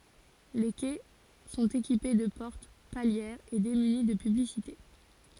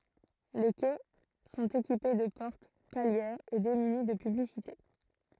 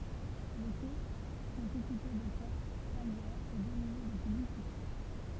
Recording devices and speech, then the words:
forehead accelerometer, throat microphone, temple vibration pickup, read sentence
Les quais sont équipés de portes palières et démunis de publicités.

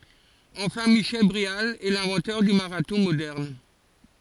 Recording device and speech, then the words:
forehead accelerometer, read sentence
Enfin, Michel Bréal est l'inventeur du marathon moderne.

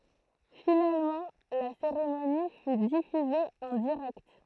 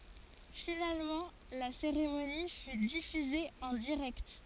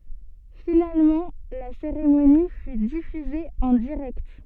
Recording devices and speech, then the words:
throat microphone, forehead accelerometer, soft in-ear microphone, read sentence
Finalement, la cérémonie fut diffusée en direct.

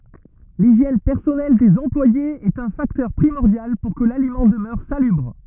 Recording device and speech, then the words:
rigid in-ear microphone, read sentence
L'hygiène personnelle des employés est un facteur primordial pour que l'aliment demeure salubre.

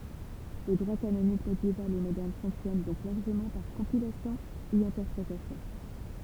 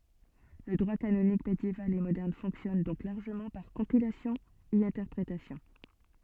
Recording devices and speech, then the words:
temple vibration pickup, soft in-ear microphone, read sentence
Le droit canonique médiéval et moderne fonctionne donc largement par compilation et interprétation.

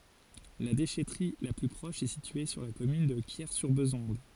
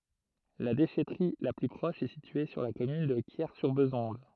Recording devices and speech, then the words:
forehead accelerometer, throat microphone, read sentence
La déchèterie la plus proche est située sur la commune de Quiers-sur-Bézonde.

